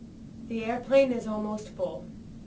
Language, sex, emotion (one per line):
English
female
neutral